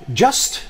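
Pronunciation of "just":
'Just' is said in its strong form and is stressed, so its vowel is not weakened to a schwa.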